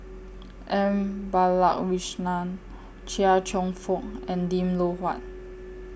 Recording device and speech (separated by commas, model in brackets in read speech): boundary microphone (BM630), read sentence